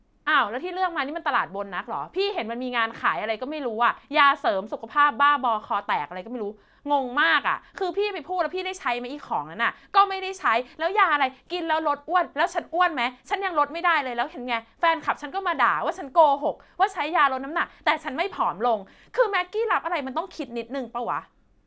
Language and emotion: Thai, angry